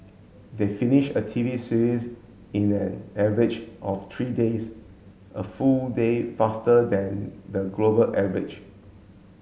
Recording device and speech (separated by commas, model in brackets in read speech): mobile phone (Samsung S8), read sentence